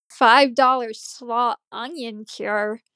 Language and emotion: English, disgusted